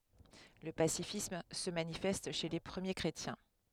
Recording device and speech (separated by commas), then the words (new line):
headset microphone, read sentence
Le pacifisme se manifeste chez les premiers chrétiens.